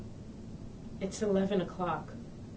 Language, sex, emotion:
English, female, neutral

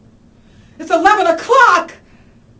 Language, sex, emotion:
English, female, fearful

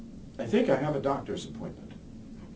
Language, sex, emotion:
English, male, neutral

